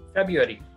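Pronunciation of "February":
'February' is pronounced correctly here.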